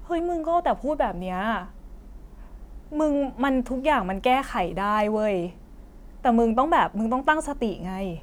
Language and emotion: Thai, frustrated